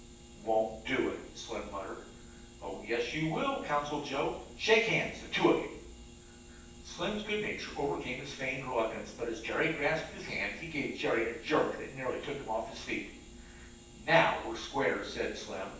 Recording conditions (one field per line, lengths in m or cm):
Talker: one person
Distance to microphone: 9.8 m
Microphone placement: far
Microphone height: 1.8 m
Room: large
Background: none